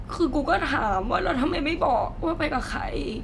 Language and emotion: Thai, sad